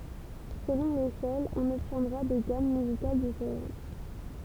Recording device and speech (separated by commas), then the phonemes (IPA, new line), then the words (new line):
temple vibration pickup, read sentence
səlɔ̃ leʃɛl ɔ̃n ɔbtjɛ̃dʁa de ɡam myzikal difeʁɑ̃t
Selon l'échelle, on obtiendra des gammes musicales différentes.